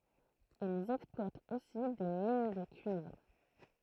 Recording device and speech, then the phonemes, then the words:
throat microphone, read sentence
ilz ɛksplwatt osi de min də kyivʁ
Ils exploitent aussi des mines de cuivre.

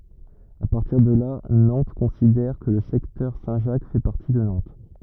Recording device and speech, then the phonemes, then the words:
rigid in-ear microphone, read sentence
a paʁtiʁ də la nɑ̃t kɔ̃sidɛʁ kə lə sɛktœʁ sɛ̃tʒak fɛ paʁti də nɑ̃t
À partir de là, Nantes considère que le secteur Saint-Jacques fait partie de Nantes.

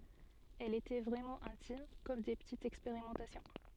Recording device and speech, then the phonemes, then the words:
soft in-ear microphone, read sentence
ɛlz etɛ vʁɛmɑ̃ ɛ̃tim kɔm de pətitz ɛkspeʁimɑ̃tasjɔ̃
Elles étaient vraiment intimes, comme des petites expérimentations.

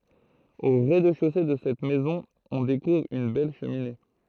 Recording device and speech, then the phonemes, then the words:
throat microphone, read sentence
o ʁɛzdɛʃose də sɛt mɛzɔ̃ ɔ̃ dekuvʁ yn bɛl ʃəmine
Au rez-de-chaussée de cette maison on découvre une belle cheminée.

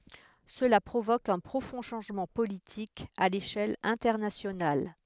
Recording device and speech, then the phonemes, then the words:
headset microphone, read sentence
səla pʁovok œ̃ pʁofɔ̃ ʃɑ̃ʒmɑ̃ politik a leʃɛl ɛ̃tɛʁnasjonal
Cela provoque un profond changement politique à l'échelle internationale.

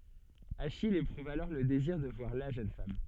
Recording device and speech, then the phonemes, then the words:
soft in-ear microphone, read sentence
aʃij epʁuv alɔʁ lə deziʁ də vwaʁ la ʒøn fam
Achille éprouve alors le désir de voir la jeune femme.

